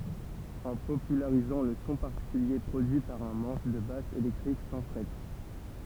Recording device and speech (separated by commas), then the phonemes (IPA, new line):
temple vibration pickup, read sentence
ɑ̃ popylaʁizɑ̃ lə sɔ̃ paʁtikylje pʁodyi paʁ œ̃ mɑ̃ʃ də bas elɛktʁik sɑ̃ fʁɛt